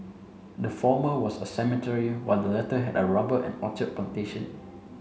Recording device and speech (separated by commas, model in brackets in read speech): mobile phone (Samsung C7), read sentence